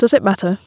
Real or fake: real